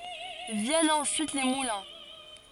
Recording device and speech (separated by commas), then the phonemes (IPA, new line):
forehead accelerometer, read sentence
vjɛnt ɑ̃syit le mulɛ̃